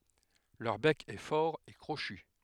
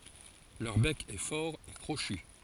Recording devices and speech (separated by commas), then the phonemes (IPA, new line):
headset microphone, forehead accelerometer, read sentence
lœʁ bɛk ɛ fɔʁ e kʁoʃy